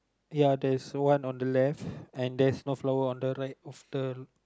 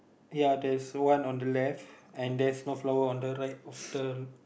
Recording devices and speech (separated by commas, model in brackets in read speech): close-talking microphone, boundary microphone, conversation in the same room